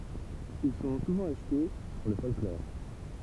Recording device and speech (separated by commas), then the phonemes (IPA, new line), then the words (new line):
temple vibration pickup, read sentence
il sɔ̃ suvɑ̃ aʃte puʁ lə fɔlklɔʁ
Ils sont souvent achetés pour le folklore.